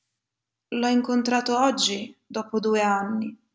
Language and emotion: Italian, sad